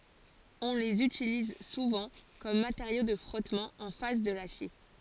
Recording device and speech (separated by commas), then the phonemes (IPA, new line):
forehead accelerometer, read sentence
ɔ̃ lez ytiliz suvɑ̃ kɔm mateʁjo də fʁɔtmɑ̃ ɑ̃ fas də lasje